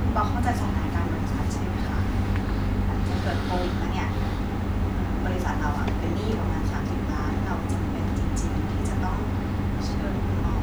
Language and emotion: Thai, neutral